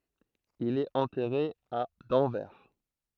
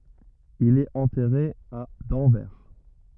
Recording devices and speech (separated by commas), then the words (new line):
throat microphone, rigid in-ear microphone, read sentence
Il est enterré à d'Anvers.